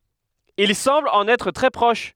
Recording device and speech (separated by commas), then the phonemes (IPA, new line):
headset microphone, read sentence
il sɑ̃bl ɑ̃n ɛtʁ tʁɛ pʁɔʃ